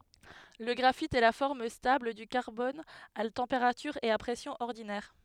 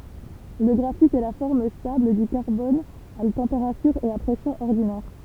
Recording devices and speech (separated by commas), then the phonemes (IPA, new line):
headset microphone, temple vibration pickup, read sentence
lə ɡʁafit ɛ la fɔʁm stabl dy kaʁbɔn a tɑ̃peʁatyʁ e a pʁɛsjɔ̃z ɔʁdinɛʁ